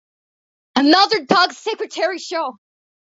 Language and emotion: English, happy